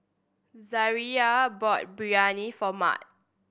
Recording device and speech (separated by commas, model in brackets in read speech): boundary microphone (BM630), read sentence